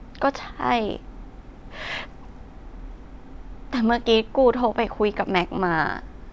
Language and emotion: Thai, sad